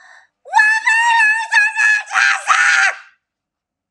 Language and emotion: English, sad